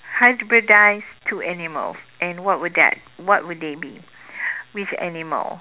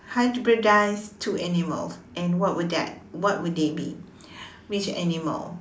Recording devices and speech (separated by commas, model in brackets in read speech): telephone, standing microphone, conversation in separate rooms